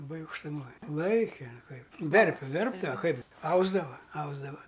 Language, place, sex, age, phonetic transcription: Lithuanian, Aukštaitija, male, 60+, laˈbai aukštuˈmoj ˈlaike ˈkaip ˈverpia ˈverpdava ˈkaip ˈausdava ˈausdava

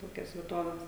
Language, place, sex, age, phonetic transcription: Lithuanian, Žemaitija, female, 18-60, ˈtokias vieˈtoves

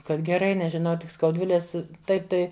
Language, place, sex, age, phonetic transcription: Lithuanian, Žemaitija, female, 60+, ˈkad geˈrai nežiˈnau tik skaudˈvilės ˈtaip tai

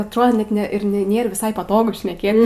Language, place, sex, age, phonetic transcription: Lithuanian, Aukštaitija, female, 18-60, atˈrodo ˈnet ˈne ir ne ˈnėr viˈsai paˈtogu šneˈkėt

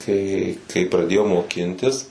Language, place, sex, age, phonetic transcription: Lithuanian, Suvalkija, male, 18-60, tai kai praˈdėjau moˈkintis

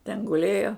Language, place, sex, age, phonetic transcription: Lithuanian, Žemaitija, female, 60+, ten guˈlėjo

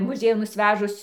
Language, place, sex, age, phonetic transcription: Lithuanian, Dzūkija, female, 60+, ˈmuˈziejun nusˈvežus

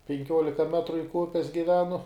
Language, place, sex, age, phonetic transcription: Lithuanian, Žemaitija, male, 18-60, penˈkiuolika ˈmetru link ˈupes giˈvenu

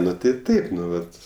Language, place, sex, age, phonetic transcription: Lithuanian, Aukštaitija, male, 18-60, ˈnu tai ˈtaip ˈnu ˈvat

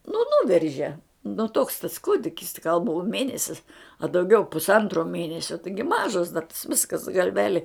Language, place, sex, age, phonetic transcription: Lithuanian, Žemaitija, female, 60+, nu ˈnuverže nu toks tas ˈkūdikis ti gal buo ˈmėnesis a dauˈgiau pusˈantro ˈmėnesio ˈtaigi ˈmažas da tas ˈviskas galˈveli

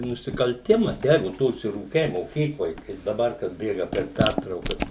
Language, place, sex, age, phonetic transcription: Lithuanian, Suvalkija, male, 60+, nusikalˈtimas ˈjeigu ˈtu užsiˈrūkei moˈkykloj ˈkaip daˈbar kad ˈbėga per ˈpærtraukas

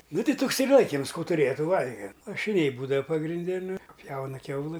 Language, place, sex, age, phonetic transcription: Lithuanian, Aukštaitija, male, 60+, ˈnu ˈtei ˈtuks ir ˈlaikims ˈkų tuˈrėja ˈtų ˈvalgem lašiˈniai ˈbūdava pagrinˈde nu ˈpjauna ˈkiaulɨ

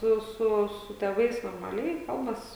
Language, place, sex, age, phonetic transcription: Lithuanian, Žemaitija, female, 18-60, ˈsu ˈsu su tėˈvais normaˈliai ˈkalbas

